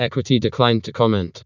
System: TTS, vocoder